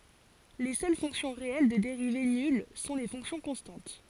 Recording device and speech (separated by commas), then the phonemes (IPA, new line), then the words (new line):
forehead accelerometer, read sentence
le sœl fɔ̃ksjɔ̃ ʁeɛl də deʁive nyl sɔ̃ le fɔ̃ksjɔ̃ kɔ̃stɑ̃t
Les seules fonctions réelles de dérivée nulle sont les fonctions constantes.